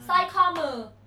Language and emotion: Thai, angry